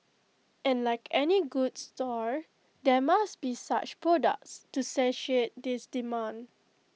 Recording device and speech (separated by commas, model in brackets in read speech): mobile phone (iPhone 6), read sentence